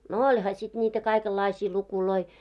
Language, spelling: Finnish, no olihan sitten niitä kaikenlaisia lukuja
- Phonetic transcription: no 'oĺha sit niitä 'kaikellaisii lukuloi .

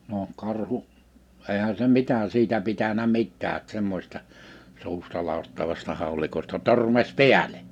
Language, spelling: Finnish, no karhu eihän se mitä siitä pitänyt mitään - semmoisesta suustaladattavasta haulikosta törmäsi päälle
- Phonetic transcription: noo , karhu , 'èhä se 'mitä 'siitä 'pitänä "mittää -t 'semmośᵉˢta , 'suustalaattavasta hàu̬likosta 'tö͔rmäś "piälᴇ .

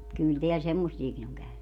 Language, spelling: Finnish, kyllä täällä semmoisiakin on käynyt
- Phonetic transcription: 'kyl teäl 'semmossiekin ‿oŋ 'käyny .

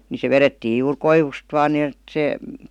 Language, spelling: Finnish, niin se vedettiin juuri koivusta vain niin että se
- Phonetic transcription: ni se "verettiij juur "koivust vaan ni₍ət 'se ,.

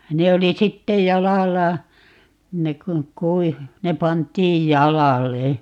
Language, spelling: Finnish, ne oli sitten jalalla ne kun kuivui ne pantiin jalalle
- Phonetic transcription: 'ne oli 'sittej "jalalla , 'ne kuŋ 'kui(vi) , 'ne 'pant̀iij "jala"le .

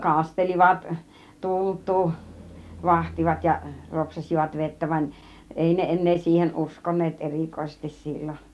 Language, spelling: Finnish, kastelivat tultua vahtivat ja ropsaisivat vettä vaan ei ne enää siihen uskoneet erikoisesti silloin
- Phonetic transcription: kastelivat , "tulttuu , "vahtivat ja , 'ropsasivat 'vettä vań , 'èi ne 'en̆nee siihen "ˀuskon̆neet "ˀerìkoisestis 'sillon .

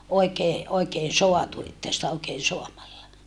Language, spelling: Finnish, oikein oikein saatu että sitä oikein saamalla
- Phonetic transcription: oikee , oikeen̬ soatu että sitä oikeen̬ soamalla .

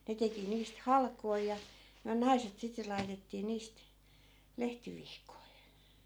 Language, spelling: Finnish, ne teki niistä halkoja ja me naiset sitten laitettiin niistä lehtivihkoja
- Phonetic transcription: 'ne teki niist "halkoi ja , myä 'naiset sitte 'lai̮tettii 'niist , 'lehtivihkoi .

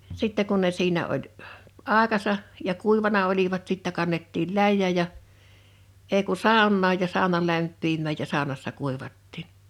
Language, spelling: Finnish, sitten kun ne siinä oli - aikansa ja kuivanut olivat sitten kannettiin läjään ja ei kun saunaan ja sauna lämpiämään ja saunassa kuivattiin
- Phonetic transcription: 'sittɛ kun ne 'siinä oĺ h , "àekasa , ja "kùivana olivat sittä 'kannettil "läjjä̀ᴶ ja , 'èi ku "sàonnaaj ja 'sàona 'lämppimmä̀j ja 'sàonassa 'kùivattiin .

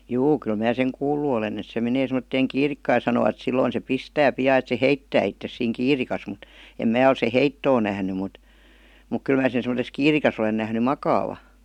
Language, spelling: Finnish, juu kyllä minä sen kuullut olen että se menee semmoiseen kiirikkaan ja sanovat silloin se pistää pian että se heittää itsensä siinä kiirikassa mutta en minä ole sen heittoa nähnyt mutta mutta kyllä minä sen semmoisessa kiirikassa olen nähnyt makaavan
- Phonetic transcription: juu kyl 'mää seŋ "kuullu olen et se menee 'sem̀°tteeŋ "kiirikkaa ja sanovat 'silloin se "pistää "pi₍aa et se "heittää ittes siiŋ "kiirikas mut , em 'mää ol se "heittoo nähny mut , muk "kyl mää sen̬ sem°ses 'kiirikas ‿olen nähny "makaava .

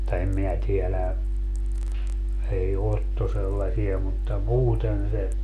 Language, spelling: Finnish, mutta en minä tiedä ei Otto sellaisia mutta muuten se
- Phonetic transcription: (mut)ta 'em minä 'tielä , 'ei "Otto 'sellasia mutta "muuten se ,.

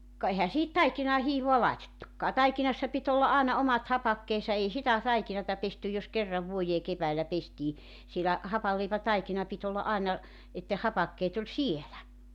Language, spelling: Finnish, ka eihän siihen taikinaan hiivaa laitettukaan taikinassa piti olla aina omat hapakkeensa ei sitä taikinaa pesty jos kerran vuoteen keväällä pestiin siellä hapanleipätaikina piti olla aina että ne hapakkeet oli siellä
- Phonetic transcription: ka 'ehä sihit "taikinaa 'hiivoa 'laetettukkaa 'taikinassa pit ‿olla '’àena 'omat 'hapakkeesa 'ei sitä 'taikinata pestyj jos 'kerrav 'vuojee 'keväällä pestii , sielä , 'hapalleipätaikina pit ‿olla '’aena , et ne 'hapakkeet ‿oĺ "sielä .

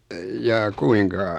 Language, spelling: Finnish, jaa kuinka
- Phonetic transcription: jaa 'kuiŋka ?

